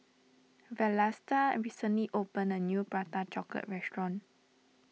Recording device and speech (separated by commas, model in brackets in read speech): mobile phone (iPhone 6), read sentence